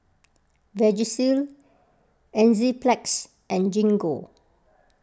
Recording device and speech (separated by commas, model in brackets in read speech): close-talking microphone (WH20), read sentence